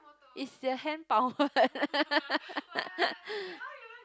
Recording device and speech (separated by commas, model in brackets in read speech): close-talking microphone, conversation in the same room